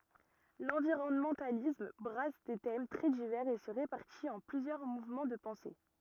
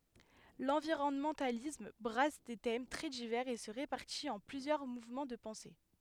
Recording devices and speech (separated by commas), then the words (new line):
rigid in-ear microphone, headset microphone, read sentence
L'environnementalisme brasse des thèmes très divers et se répartit en plusieurs mouvements de pensée.